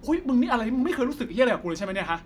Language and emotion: Thai, angry